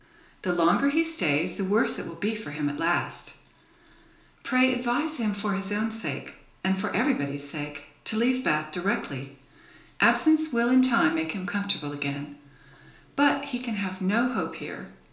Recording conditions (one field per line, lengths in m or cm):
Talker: one person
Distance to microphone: 1.0 m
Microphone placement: close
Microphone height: 1.1 m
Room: small (3.7 m by 2.7 m)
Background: none